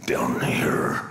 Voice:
gravely voice